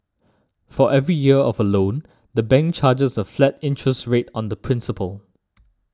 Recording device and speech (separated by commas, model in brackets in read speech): standing microphone (AKG C214), read sentence